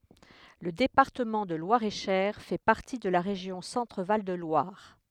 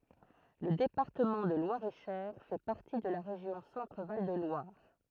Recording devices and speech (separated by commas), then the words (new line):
headset microphone, throat microphone, read sentence
Le département de Loir-et-Cher fait partie de la région Centre-Val de Loire.